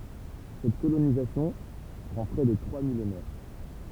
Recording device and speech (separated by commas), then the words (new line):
temple vibration pickup, read sentence
Cette colonisation prend près de trois millénaires.